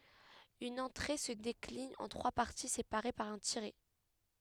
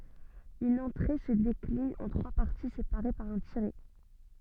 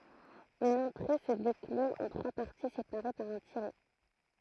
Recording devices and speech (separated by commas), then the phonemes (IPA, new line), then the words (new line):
headset microphone, soft in-ear microphone, throat microphone, read sentence
yn ɑ̃tʁe sə deklin ɑ̃ tʁwa paʁti sepaʁe paʁ œ̃ tiʁɛ
Une entrée se décline en trois parties séparées par un tiret.